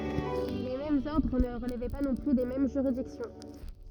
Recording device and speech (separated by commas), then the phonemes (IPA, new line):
rigid in-ear microphone, read sentence
le difeʁɑ̃z ɔʁdʁ nə ʁəlvɛ pa nɔ̃ ply de mɛm ʒyʁidiksjɔ̃